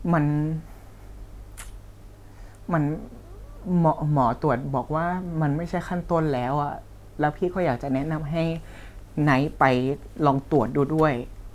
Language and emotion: Thai, sad